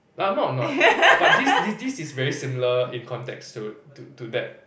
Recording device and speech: boundary microphone, conversation in the same room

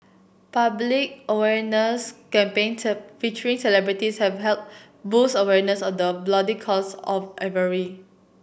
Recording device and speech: boundary microphone (BM630), read sentence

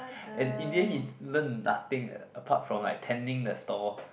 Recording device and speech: boundary microphone, conversation in the same room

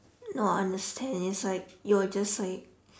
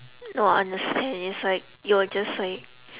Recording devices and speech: standing microphone, telephone, conversation in separate rooms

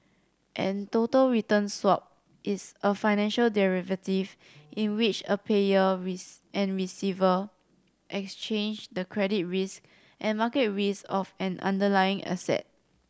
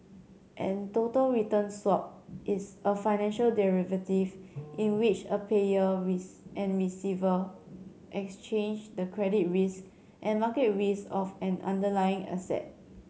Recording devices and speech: standing microphone (AKG C214), mobile phone (Samsung C7100), read sentence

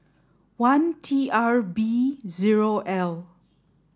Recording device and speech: standing microphone (AKG C214), read sentence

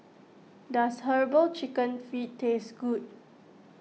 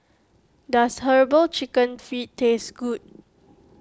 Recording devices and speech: mobile phone (iPhone 6), close-talking microphone (WH20), read sentence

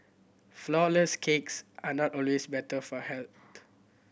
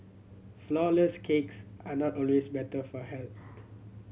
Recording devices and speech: boundary microphone (BM630), mobile phone (Samsung C7100), read sentence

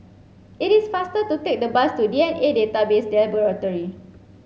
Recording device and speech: mobile phone (Samsung C7), read sentence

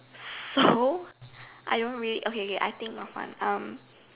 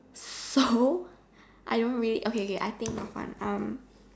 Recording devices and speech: telephone, standing microphone, conversation in separate rooms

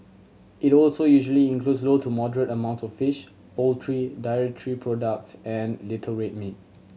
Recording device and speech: mobile phone (Samsung C7100), read sentence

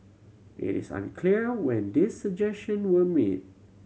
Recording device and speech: mobile phone (Samsung C7100), read sentence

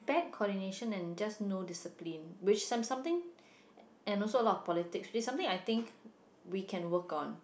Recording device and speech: boundary microphone, conversation in the same room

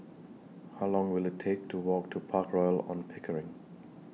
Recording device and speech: mobile phone (iPhone 6), read sentence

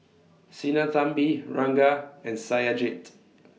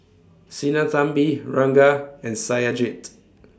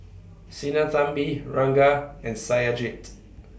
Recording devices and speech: mobile phone (iPhone 6), standing microphone (AKG C214), boundary microphone (BM630), read sentence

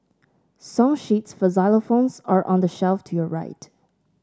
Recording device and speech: standing microphone (AKG C214), read sentence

